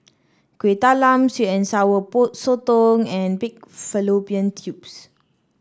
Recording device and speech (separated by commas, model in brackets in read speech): standing microphone (AKG C214), read sentence